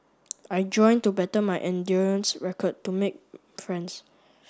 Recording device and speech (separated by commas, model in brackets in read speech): standing microphone (AKG C214), read sentence